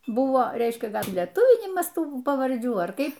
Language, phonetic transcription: Lithuanian, ˈbuvo ˈreiškia ˈgal' lieˈtuvinimas ˈtų pavarˈdžių ar ˈkaip

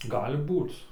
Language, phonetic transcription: Lithuanian, ˈgali ˈbūc

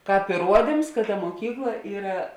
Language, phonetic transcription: Lithuanian, ˈkāp iˈruodims kad ta muoˈkykla ˈyra

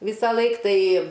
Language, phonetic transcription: Lithuanian, ˈvysaˌlaik ˈtai

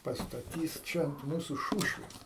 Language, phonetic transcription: Lithuanian, pastaˈtys ˈčia ant ˈmūsu ˈšūšvės

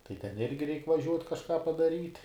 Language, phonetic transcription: Lithuanian, tai ten ˈirgi reik' vaˈžiuot' kažˈką padaˈryt

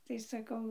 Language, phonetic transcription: Lithuanian, tai saˈkau

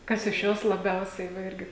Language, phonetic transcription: Lithuanian, ˈkas iš ˈjos laˈbiausiai va ˈirgi

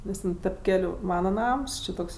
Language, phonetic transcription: Lithuanian, ˈnes ten tep ˈkeliu ˈmana ˈnams ˈči ˈtoks

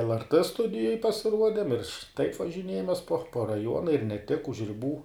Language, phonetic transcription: Lithuanian, lrt ˈstudijoj pasiˈruodem ir taip važiˈniejamės po po raˈjuona ir ne tik už riˈbų

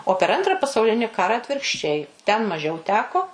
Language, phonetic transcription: Lithuanian, o per ˈantra pasauˈlini ˈkara atvirkšˈčiai ten maˈžiau ˈteko

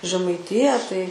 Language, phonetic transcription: Lithuanian, žemaiˈtiją tai

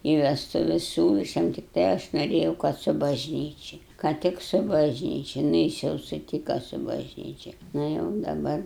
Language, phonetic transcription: Lithuanian, i vestuˈves ˈsiūla aš ˈjam tikˈtai aš noˈrėjau kad su bažˈnyči ka ˈtik su bažˈnyčia nu ˈjis jau suˈtyka su bažˈnyčia ˈna jau daˈbar

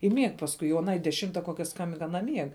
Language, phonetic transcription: Lithuanian, i mieg pasˈkui o aˈnai deˈšimta ˈkokia ˈskambink aˈna ˈmieg

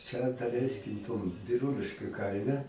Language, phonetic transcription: Lithuanian, ˈčia daˈleiskim tom biˈrūliškiu ˈkaime

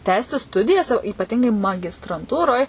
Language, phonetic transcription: Lithuanian, ˈtęsti ˈstudijas o ypaˈtingai magistranˈtūroj

